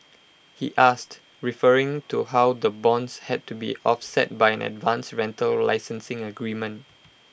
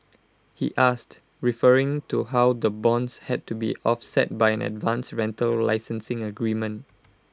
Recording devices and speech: boundary microphone (BM630), close-talking microphone (WH20), read sentence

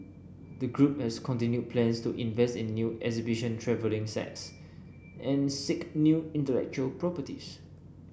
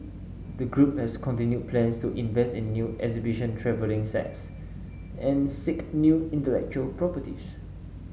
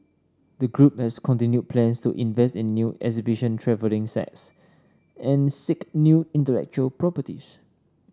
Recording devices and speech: boundary microphone (BM630), mobile phone (Samsung S8), standing microphone (AKG C214), read sentence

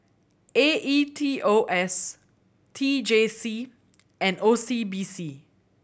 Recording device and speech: boundary microphone (BM630), read sentence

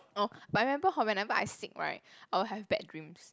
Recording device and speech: close-talking microphone, conversation in the same room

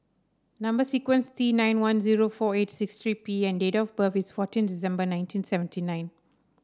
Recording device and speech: standing microphone (AKG C214), read sentence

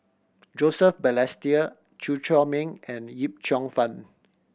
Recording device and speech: boundary microphone (BM630), read sentence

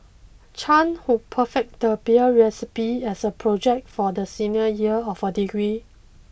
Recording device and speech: boundary microphone (BM630), read sentence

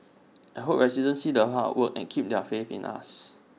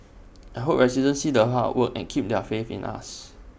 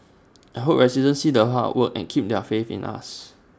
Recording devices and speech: mobile phone (iPhone 6), boundary microphone (BM630), standing microphone (AKG C214), read sentence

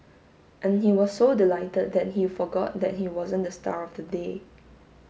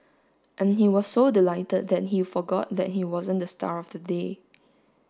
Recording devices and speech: mobile phone (Samsung S8), standing microphone (AKG C214), read sentence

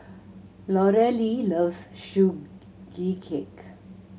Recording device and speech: mobile phone (Samsung C7100), read sentence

